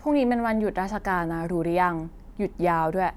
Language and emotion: Thai, neutral